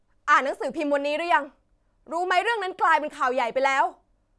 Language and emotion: Thai, angry